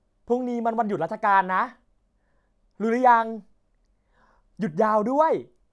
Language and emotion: Thai, happy